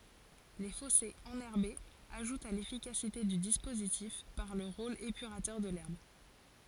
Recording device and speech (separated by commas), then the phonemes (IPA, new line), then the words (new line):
forehead accelerometer, read sentence
le fɔsez ɑ̃nɛʁbez aʒutt a lefikasite dy dispozitif paʁ lə ʁol epyʁatœʁ də lɛʁb
Les fossés enherbés ajoutent à l'efficacité du dispositif par le rôle épurateur de l'herbe.